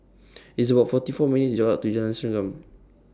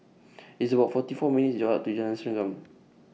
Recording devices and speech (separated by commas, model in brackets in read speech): standing microphone (AKG C214), mobile phone (iPhone 6), read sentence